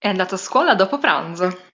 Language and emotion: Italian, happy